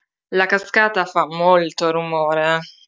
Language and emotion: Italian, disgusted